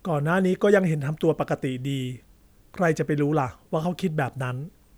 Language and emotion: Thai, neutral